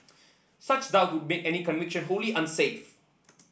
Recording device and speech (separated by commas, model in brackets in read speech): boundary microphone (BM630), read sentence